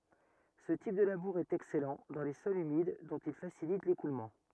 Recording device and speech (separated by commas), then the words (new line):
rigid in-ear microphone, read sentence
Ce type de labour est excellent dans les sols humides, dont il facilite l'écoulement.